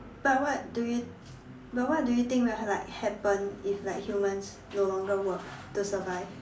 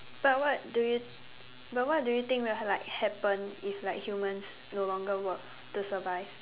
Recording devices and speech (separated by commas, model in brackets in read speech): standing microphone, telephone, conversation in separate rooms